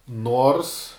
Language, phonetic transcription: Lithuanian, ˈnors

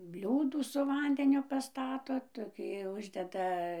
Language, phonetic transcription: Lithuanian, ˈbliūdų su ˈvandeniu paˈstato toˈkį ˈuždeda

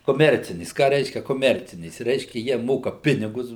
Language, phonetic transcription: Lithuanian, koˈmercinės ˈką ˈreiškia koˈmercinės ˈreiškia ˈjie ˈmoka ˈpinigus

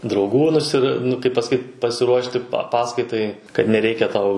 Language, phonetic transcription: Lithuanian, drauˈgų nuˈsir nu kaip pasaˈkyt pasiˈruošti pa ˈpaskaitai kad neˈreikia ˈtau

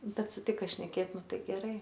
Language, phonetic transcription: Lithuanian, ˈbet suˈtika šneˈkėt ˈnu ˈtai geˈrai

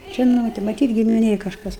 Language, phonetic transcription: Lithuanian, ˈžinote maˈtyt gimiˈnėj kažˈkas

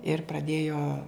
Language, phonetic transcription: Lithuanian, ir praˈdėjo

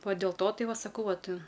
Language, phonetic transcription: Lithuanian, ˈva dėl ˈto ˈtai ˈva saˈkau ˈvat

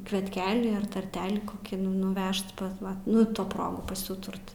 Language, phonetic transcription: Lithuanian, kvietˈkelį ar tarˈtelį koˈkį nu nuˈvežt pas ˈva nu ˈto ˈprogu pasiˈūturt

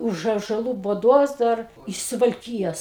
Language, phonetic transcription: Lithuanian, ˈuž ąžaˈlų buˈdos ˈdar iš suvalˈkyjos

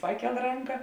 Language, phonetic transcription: Lithuanian, ˈpaˌkel ˈranka

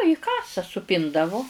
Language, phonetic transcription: Lithuanian, į ˈkasa suˈpindavu

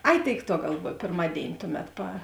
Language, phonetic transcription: Lithuanian, ˈai ˈtėik ˈtuo galˈvuoj pėrˈmadėini ˈtuˌmet pa

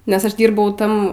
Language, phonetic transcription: Lithuanian, nes ˈaš ˈdyrbau ˈtam

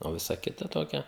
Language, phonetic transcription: Lithuanian, o ˈvisa ˈkita ˈtokia

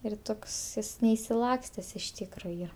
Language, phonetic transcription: Lithuanian, ir ˈtoks ˈjis neišsiˈlakstes iš ˈtykro ˈyra

